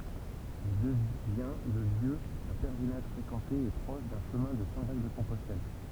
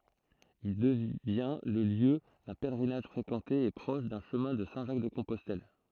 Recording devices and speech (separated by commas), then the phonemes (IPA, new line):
temple vibration pickup, throat microphone, read sentence
il dəvjɛ̃ lə ljø dœ̃ pɛlʁinaʒ fʁekɑ̃te e pʁɔʃ dœ̃ ʃəmɛ̃ də sɛ̃ ʒak də kɔ̃pɔstɛl